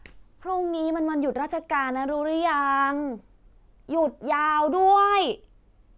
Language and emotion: Thai, frustrated